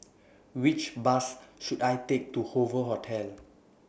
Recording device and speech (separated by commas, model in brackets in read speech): boundary microphone (BM630), read sentence